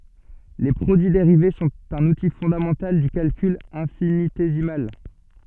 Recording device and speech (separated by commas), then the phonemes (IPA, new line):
soft in-ear microphone, read sentence
le pʁodyi deʁive sɔ̃t œ̃n uti fɔ̃damɑ̃tal dy kalkyl ɛ̃finitezimal